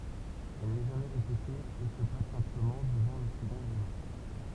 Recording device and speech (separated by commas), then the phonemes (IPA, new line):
temple vibration pickup, read sentence
ɛl nɛ ʒamɛ ʁepete e sə plas sɛ̃pləmɑ̃ dəvɑ̃ lə səɡɔ̃t elemɑ̃